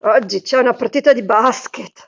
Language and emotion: Italian, disgusted